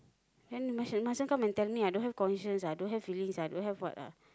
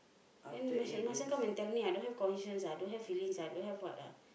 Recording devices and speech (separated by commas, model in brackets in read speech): close-talking microphone, boundary microphone, conversation in the same room